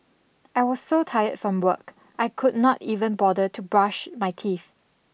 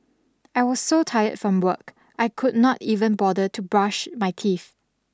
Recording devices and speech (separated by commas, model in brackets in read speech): boundary microphone (BM630), standing microphone (AKG C214), read sentence